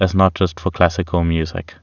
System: none